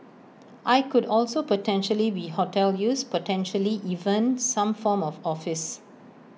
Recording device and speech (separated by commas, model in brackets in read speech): mobile phone (iPhone 6), read sentence